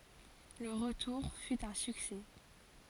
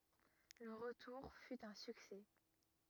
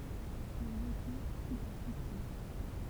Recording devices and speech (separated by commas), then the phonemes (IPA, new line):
forehead accelerometer, rigid in-ear microphone, temple vibration pickup, read sentence
lə ʁətuʁ fy œ̃ syksɛ